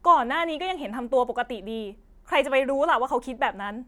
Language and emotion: Thai, angry